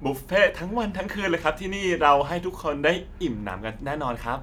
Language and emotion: Thai, happy